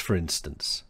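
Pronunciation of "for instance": In 'for instance', 'for' is said in its weak form used before a vowel, sounding like 'fra'.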